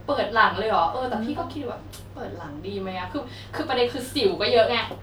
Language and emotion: Thai, frustrated